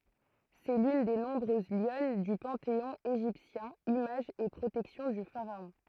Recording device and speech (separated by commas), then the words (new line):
throat microphone, read sentence
C'est l'une des nombreuses lionnes du panthéon égyptien, image et protection du pharaon.